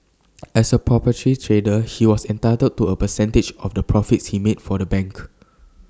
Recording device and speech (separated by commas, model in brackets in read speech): standing microphone (AKG C214), read sentence